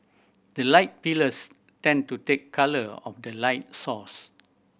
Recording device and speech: boundary microphone (BM630), read sentence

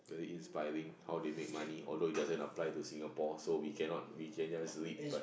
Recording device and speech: boundary microphone, conversation in the same room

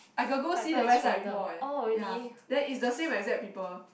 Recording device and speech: boundary microphone, conversation in the same room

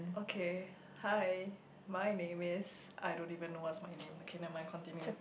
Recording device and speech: boundary microphone, conversation in the same room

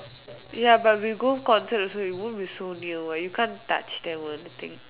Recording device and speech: telephone, conversation in separate rooms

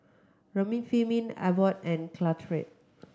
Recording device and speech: close-talking microphone (WH30), read sentence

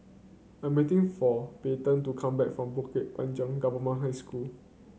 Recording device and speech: mobile phone (Samsung C9), read sentence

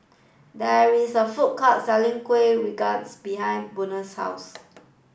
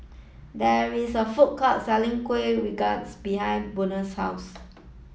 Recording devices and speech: boundary microphone (BM630), mobile phone (iPhone 7), read sentence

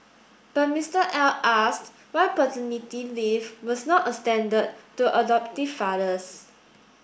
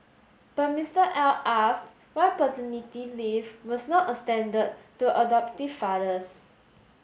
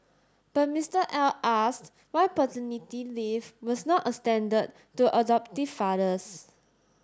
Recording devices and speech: boundary microphone (BM630), mobile phone (Samsung S8), standing microphone (AKG C214), read sentence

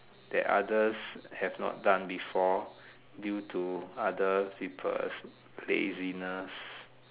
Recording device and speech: telephone, conversation in separate rooms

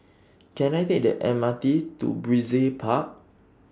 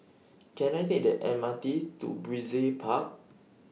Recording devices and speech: standing microphone (AKG C214), mobile phone (iPhone 6), read sentence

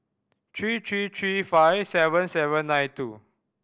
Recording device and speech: boundary microphone (BM630), read sentence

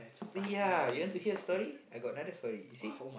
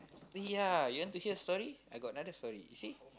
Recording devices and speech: boundary microphone, close-talking microphone, conversation in the same room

